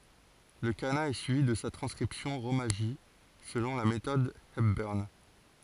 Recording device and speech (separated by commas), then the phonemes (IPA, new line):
forehead accelerometer, read sentence
lə kana ɛ syivi də sa tʁɑ̃skʁipsjɔ̃ ʁomaʒi səlɔ̃ la metɔd ɛpbœʁn